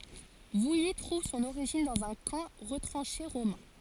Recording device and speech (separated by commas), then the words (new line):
forehead accelerometer, read sentence
Vouilly trouve son origine dans un camp retranché romain.